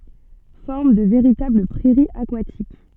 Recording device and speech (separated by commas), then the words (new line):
soft in-ear microphone, read sentence
Forment de véritables prairies aquatiques.